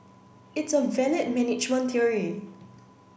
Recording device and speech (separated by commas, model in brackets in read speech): boundary microphone (BM630), read sentence